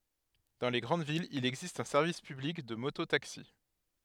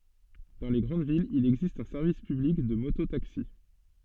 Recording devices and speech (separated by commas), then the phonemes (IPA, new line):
headset microphone, soft in-ear microphone, read sentence
dɑ̃ le ɡʁɑ̃d vilz il ɛɡzist œ̃ sɛʁvis pyblik də moto taksi